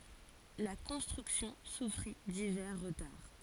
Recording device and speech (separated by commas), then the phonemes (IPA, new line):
forehead accelerometer, read sentence
la kɔ̃stʁyksjɔ̃ sufʁi divɛʁ ʁətaʁ